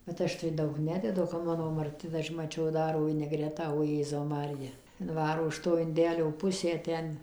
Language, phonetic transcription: Lithuanian, bet ˈaš tai ˈdaug ˈnededu o kap ˈmano marˈti tai ˈaš maˈčiau ˈdaro viniˈgretą o ˈjėzau ˈmarija ˈdvaro iš ˈto inˈdelio ˈpusę ˈten

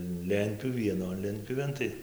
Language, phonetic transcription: Lithuanian, ˈlentpjūvi vieˈnon ˈlentpjūvėn ˈtai

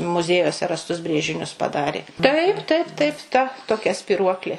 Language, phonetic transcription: Lithuanian, muˈziejuose rasˈtus ˈbrėžinius paˈdarė ˈtaip ˈtaip ˈtaip ˈta toˈkia spiˈruoklė

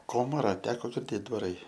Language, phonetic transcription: Lithuanian, ˈkomara ˈteko girˈdėt dvaˈrai

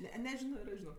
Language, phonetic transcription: Lithuanian, ˈne neˈžino ir ˈaš žiˈnok

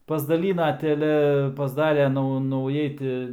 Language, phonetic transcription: Lithuanian, pasdaˈlyna teˈle pasˈdarė ˈnau nauˈjai ti

